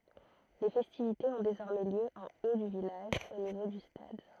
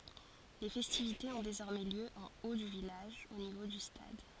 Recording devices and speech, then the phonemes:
throat microphone, forehead accelerometer, read sentence
le fɛstivitez ɔ̃ dezɔʁmɛ ljø ɑ̃ o dy vilaʒ o nivo dy stad

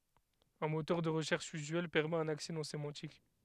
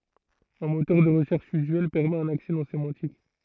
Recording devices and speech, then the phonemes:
headset microphone, throat microphone, read sentence
œ̃ motœʁ də ʁəʃɛʁʃ yzyɛl pɛʁmɛt œ̃n aksɛ nɔ̃ semɑ̃tik

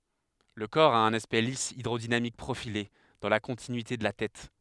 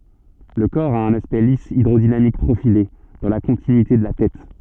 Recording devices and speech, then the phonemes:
headset microphone, soft in-ear microphone, read sentence
lə kɔʁ a œ̃n aspɛkt lis idʁodinamik pʁofile dɑ̃ la kɔ̃tinyite də la tɛt

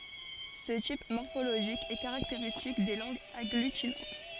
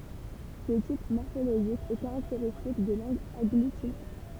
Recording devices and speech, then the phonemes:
forehead accelerometer, temple vibration pickup, read sentence
sə tip mɔʁfoloʒik ɛ kaʁakteʁistik de lɑ̃ɡz aɡlytinɑ̃t

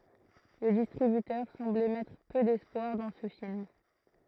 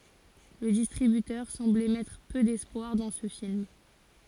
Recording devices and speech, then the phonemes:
throat microphone, forehead accelerometer, read sentence
lə distʁibytœʁ sɑ̃blɛ mɛtʁ pø dɛspwaʁ dɑ̃ sə film

